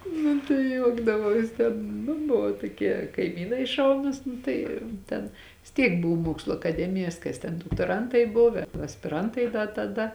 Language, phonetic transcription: Lithuanian, nu tai ˈjuokdavaus ˈten nu ˈbuvo toˈkie kaiˈmynai ˈšaunus ˈnu tai ˈten vis ˈtiek ˈbuv ˈmuokslu akaˈdemijas ˈkas ten doktoˈrantai ˈbuv aspiˈrantai da taˈda

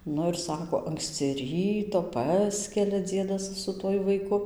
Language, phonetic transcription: Lithuanian, ˈnu ir ˈsako ˈanksci ˈryto ˈpaskelia ˈdziedas su ˈtuoj vaiˈku

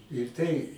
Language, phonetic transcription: Lithuanian, ir ˈtai

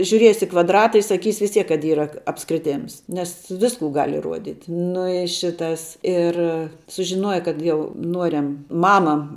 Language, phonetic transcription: Lithuanian, žiuˈriesi i kvadˈrata i saˈkysi vis ˈtiek kad ˈyra apskriˈtėms nes ˈvisku gal' iˈruodyt' ˈnu i ˈšitas ir sužiˈnuoja ˈkad jau ˈnuoriam ˈmama

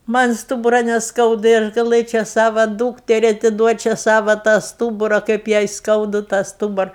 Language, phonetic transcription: Lithuanian, ˈman' ˈstūbura nesˈkauda ir gaˈlɘčia ˈsava ˈdūkteri atiˈduočia ˈsava tą ˈstūbura kaip jai ˈskaudu tą ˈstūbura

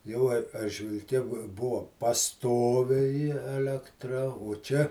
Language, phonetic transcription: Lithuanian, ˈjau ar aržvilˈke bu ˈbuvo paˈstoviai elekˈtra o ˈčia

